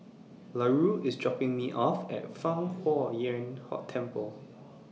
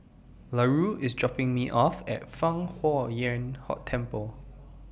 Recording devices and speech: mobile phone (iPhone 6), boundary microphone (BM630), read sentence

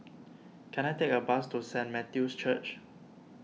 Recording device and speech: mobile phone (iPhone 6), read sentence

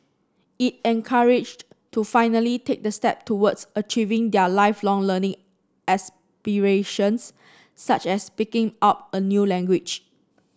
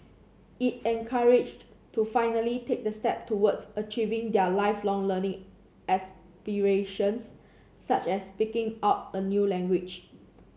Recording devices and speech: standing microphone (AKG C214), mobile phone (Samsung C7), read sentence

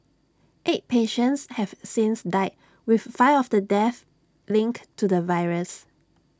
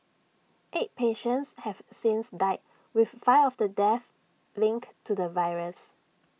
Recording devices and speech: standing microphone (AKG C214), mobile phone (iPhone 6), read sentence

